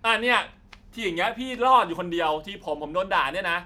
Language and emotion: Thai, frustrated